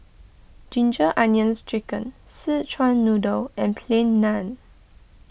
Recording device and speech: boundary microphone (BM630), read sentence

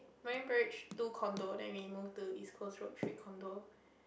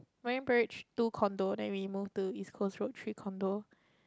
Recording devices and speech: boundary microphone, close-talking microphone, conversation in the same room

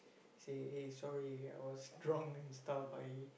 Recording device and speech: boundary microphone, conversation in the same room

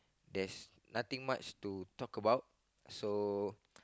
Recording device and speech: close-talking microphone, conversation in the same room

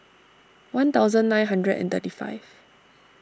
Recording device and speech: standing microphone (AKG C214), read sentence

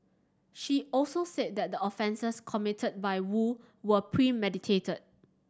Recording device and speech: standing microphone (AKG C214), read sentence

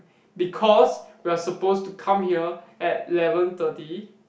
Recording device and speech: boundary microphone, conversation in the same room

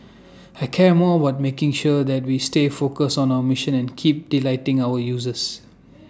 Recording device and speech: standing microphone (AKG C214), read sentence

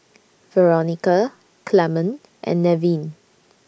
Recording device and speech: boundary microphone (BM630), read sentence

